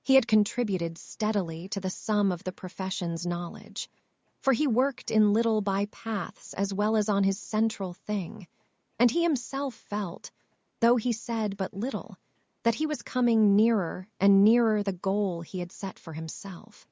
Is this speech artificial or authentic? artificial